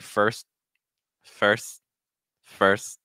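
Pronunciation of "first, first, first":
'First' is said each time with a held T.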